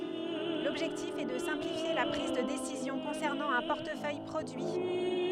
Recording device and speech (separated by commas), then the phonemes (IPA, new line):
headset microphone, read sentence
lɔbʒɛktif ɛ də sɛ̃plifje la pʁiz də desizjɔ̃ kɔ̃sɛʁnɑ̃ œ̃ pɔʁtəfœj pʁodyi